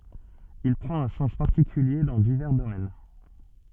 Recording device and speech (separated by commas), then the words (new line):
soft in-ear microphone, read sentence
Il prend un sens particulier dans divers domaines.